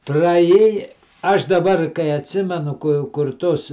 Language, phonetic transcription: Lithuanian, praˈjėja ˈaš daˈbar kai atsˈimenu ku kur ˈtus

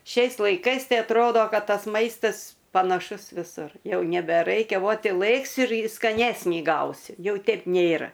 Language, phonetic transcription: Lithuanian, ˈšiais laiˈkais ˈtai atˈrodo ˈkad ˈtas ˈmaistas panaˈšus viˈsur ˈjau nebeˈraikia ˈvot i ˈlɘksi ir skaˈnesnį ˈgausi ˈjau ˈtep ˈnėra

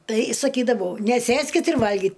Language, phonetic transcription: Lithuanian, tai saˈkydavau neˈsėskit ir ˈvalgit

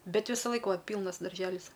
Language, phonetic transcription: Lithuanian, ˈbet ˈvisaˌlaik ˈva ˈpylnas darˈželis

